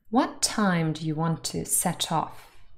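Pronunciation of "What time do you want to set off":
In 'set off', the t of 'set' links onto 'off', so it sounds like 'set tof'.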